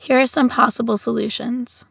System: none